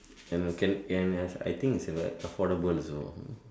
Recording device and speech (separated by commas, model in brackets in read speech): standing microphone, conversation in separate rooms